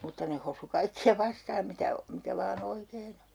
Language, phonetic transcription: Finnish, 'mutta ne hosu 'kaikki₍a 'vastaam mitä , 'mikä vaa"n ‿oikeen ‿o .
- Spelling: mutta ne hosui kaikkia vastaan mitä mikä vain oikein on

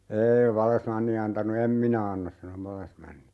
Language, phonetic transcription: Finnish, "eei 'vallesmanni 'antanu » 'em "minä 'annas » sano 'vallesmanni .
- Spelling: ei vallesmanni antanut en minä anna sanoi vallesmanni

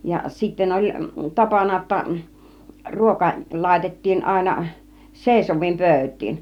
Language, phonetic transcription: Finnish, ja , sitten 'oĺ , "tapana ‿°tta , 'ruoka , 'làitettiin àina , "sèisov̆viim 'pö̬̀yt̆tiin .
- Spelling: ja sitten oli tapana jotta ruoka laitettiin aina seisoviin pöytiin

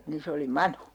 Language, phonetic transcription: Finnish, nii 'se oli "manu .
- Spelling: niin se oli manu

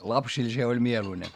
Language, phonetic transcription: Finnish, lapsil se oĺ mieluine .
- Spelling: lapsille se oli mieluinen

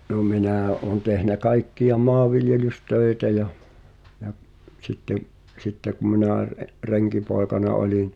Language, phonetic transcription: Finnish, no 'minä̀ , ’oon tehnä 'kaikki₍a "mɔav̆viljelys'tö̀i̬tä ja , ja , sitte’ , 'sitte ku 'minä̀ ʳᵉˉ , "reŋkipoekana 'oĺin ,.
- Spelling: no minä olen tehnyt kaikkia maanviljelystöitä ja ja sitten sitten kun minä - renkipoikana olin

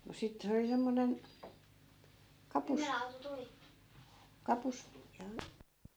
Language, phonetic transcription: Finnish, no 'sit 'se oli semmonen , "kapus , 'kapus , ja
- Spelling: no sitten se oli semmoinen kapus kapus ja

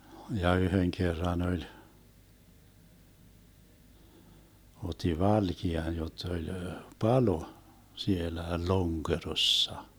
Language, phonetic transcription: Finnish, ja 'yheŋ kerra'n ‿oĺ , 'ot̆ti "valki₍an jott ‿oĺ "palo , 'sielä "Loŋkerossa .
- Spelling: ja yhden kerran oli otti valkean jotta oli palo siellä Lonkerossa

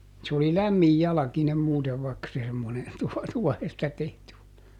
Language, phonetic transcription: Finnish, se oli "lämmij ˈjalakinem muutev vaᵉkka se semmone , tuɔ- , ˈtuɔhesta ˈtehty (oli) .
- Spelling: se oli lämmin jalkine muuten vaikka se semmoinen - tuohesta tehty oli

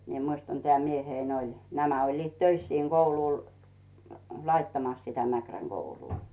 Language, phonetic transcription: Finnish, mie muistan tᵉä̀ 'mieheⁱn ‿oĺ , 'nämä oĺliit "töis siiŋ 'Goulùl , "laittamas sitä 'Mäkräŋ Gouluu .
- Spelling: minä muistan tämä mieheni oli nämä olivat töissä siinä koululla laittamassa sitä Mäkrän koulua

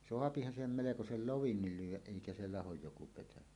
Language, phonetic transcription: Finnish, 'soapihan siihem melekosel "lovin̳n̳il 'lyw̆wäˀ "ˀèikä se 'lahoj joku petäjä .
- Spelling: saahan siihen melkoisen loven lyödä eikä se lahoa joku petäjä

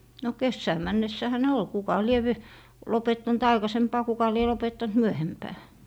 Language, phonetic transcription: Finnish, no "kessää 'männessähä ne 'ol , 'kuka 'lie v- , 'lopettant "aikasempaa 'kuka lie lopettant "myöhempää .
- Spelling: no kesään mennessähän ne oli kuka lie - lopettanut aikaisempaan kuka lie lopettanut myöhempään

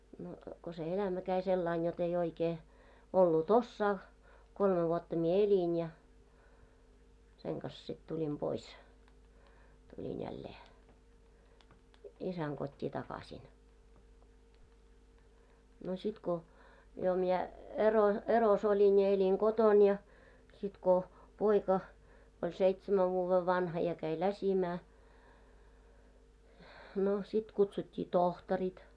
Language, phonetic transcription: Finnish, no ko se 'elämä käi 'sellain jot ‿ei 'oikee , 'ollu"t ‿ossaa , 'kolme vuotta mie 'eĺin ja , seŋ kas sit tuĺim 'pois , tuĺin jällee , 'isäŋ kot́t́i 'takaśin , no 'sit ko , jo 'miɛ , ero- , eros ‿oĺin ja 'eĺiŋ "ɢoton ja , sit ko , 'poika , oĺ 'seitsemäv vuuvvev 'vanha ja "käi "läsimää , no , sit kutsut́t́ii "tohtɔrit .
- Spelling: no kun se elämä kävi sillä lailla jotta ei oikein ollut osaa kolme vuotta minä elin ja sen kanssa sitten tulin pois tulin jälleen isän kotiin takaisin no sitten kun jo minä - erossa olin ja elin kotona ja sitten kun poika oli seitsemän vuoden vanha ja kävi läsimään no sitten kutsuttiin tohtorit

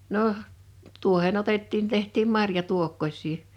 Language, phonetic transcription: Finnish, noh , 'tuohen ‿otettiin 'teht̀iim 'marja'tuokkoś̀ii .
- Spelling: no tuohen otettiin tehtiin marjatuokkosia

